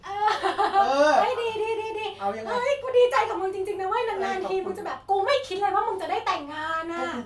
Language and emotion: Thai, happy